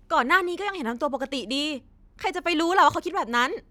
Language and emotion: Thai, neutral